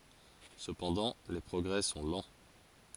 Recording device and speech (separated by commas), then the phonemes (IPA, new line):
forehead accelerometer, read sentence
səpɑ̃dɑ̃ le pʁɔɡʁɛ sɔ̃ lɑ̃